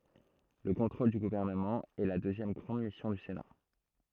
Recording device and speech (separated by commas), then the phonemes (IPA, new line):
throat microphone, read sentence
lə kɔ̃tʁol dy ɡuvɛʁnəmɑ̃ ɛ la døzjɛm ɡʁɑ̃d misjɔ̃ dy sena